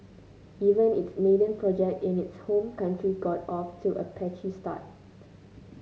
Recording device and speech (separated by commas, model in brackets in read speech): mobile phone (Samsung C9), read sentence